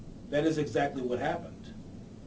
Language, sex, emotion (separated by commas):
English, male, neutral